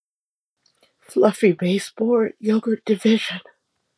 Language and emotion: English, happy